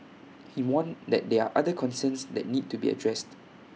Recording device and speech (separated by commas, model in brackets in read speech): mobile phone (iPhone 6), read sentence